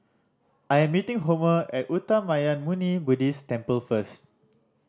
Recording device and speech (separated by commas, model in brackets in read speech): standing microphone (AKG C214), read sentence